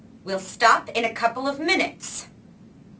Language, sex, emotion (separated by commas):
English, female, angry